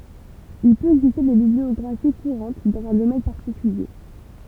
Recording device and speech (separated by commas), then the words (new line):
temple vibration pickup, read sentence
Il peut exister des bibliographies courantes dans un domaine particulier.